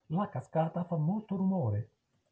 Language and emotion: Italian, neutral